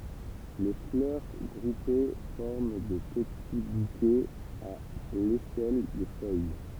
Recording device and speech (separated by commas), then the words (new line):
temple vibration pickup, read sentence
Les fleurs groupées forment de petits bouquets à l'aisselle des feuilles.